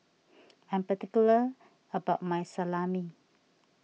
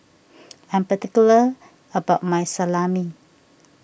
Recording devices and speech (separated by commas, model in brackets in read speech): mobile phone (iPhone 6), boundary microphone (BM630), read sentence